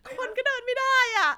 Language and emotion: Thai, sad